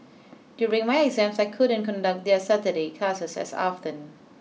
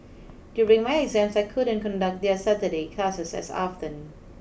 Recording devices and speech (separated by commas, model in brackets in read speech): mobile phone (iPhone 6), boundary microphone (BM630), read sentence